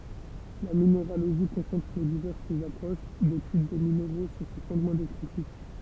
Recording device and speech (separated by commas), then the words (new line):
temple vibration pickup, read sentence
La minéralogie concentre les diverses approches d'étude des minéraux sur ces fondements descriptifs.